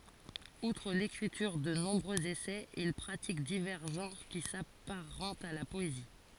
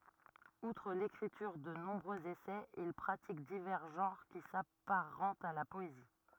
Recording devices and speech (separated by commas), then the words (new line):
forehead accelerometer, rigid in-ear microphone, read sentence
Outre l'écriture de nombreux essais, il pratique divers genres qui s'apparentent à la poésie.